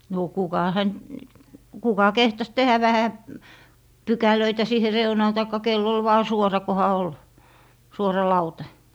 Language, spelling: Finnish, no kuka häntä kuka kehtasi tehdä vähän pykälöitä siihen reunaan tai kenellä oli vain suora kunhan oli suora lauta
- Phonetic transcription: nò 'kuka hänt , 'kuka 'kehtas "tehä vähä , "pykälöitä siihe 'reunaan taikka kell ‿ol vaa "suora koha ol , 'suora 'lauta .

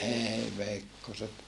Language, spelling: Finnish, ei veikkoset
- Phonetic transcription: eei veikkoset !

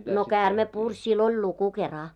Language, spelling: Finnish, no käärme puri sillä oli luku kera
- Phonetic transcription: no 'käräme puŕ sill ‿oĺ 'luku 'kera .

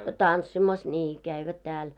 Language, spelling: Finnish, tanssimassa niin kävivät täällä
- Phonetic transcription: tanssimas 'ńii käivät tääl .

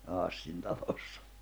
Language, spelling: Finnish, siinä Hassin talossa
- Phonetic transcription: siinä 'Hassin 'talossᴀ .

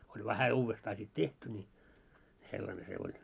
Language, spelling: Finnish, oli vähän uudestaan sitten tehty niin sellainen se oli
- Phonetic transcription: oĺ vähä 'uuvvestaa sit "tehty ńi , 'sellane se oĺ .

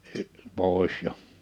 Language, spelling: Finnish, - pois jo
- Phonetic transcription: y- , 'pòis jo .

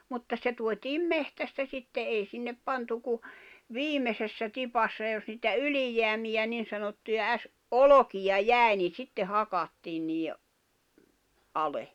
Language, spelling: Finnish, mutta se tuotiin metsästä sitten ei sinne pantu kuin viimeisessä tipassa jos niitä ylijäämiä niin sanottuja - olkia jäi niin sitten hakattiin niiden alle
- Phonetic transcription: 'mutta se tuot́iim 'mehtästä sitte '’ei sinnep 'pantu ku , "viimesessä 'tipassa jos niitä "yli-jeämijä 'nin̬ sanottuja äs- , "’olokija "jä̀i̬ ni sitte 'hakattiin nii₍e , '’ale .

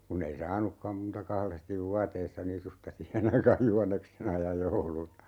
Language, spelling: Finnish, kun ei saanutkaan muuta kahdesti vuoteissa nisusta siihen aikaan juhannuksena ja jouluna
- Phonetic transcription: 'kunnei "saanukkam muuta 'kalestiv "vuateissa 'nisusta "sihen aikaaj 'juhanneksena ja 'jouluna .

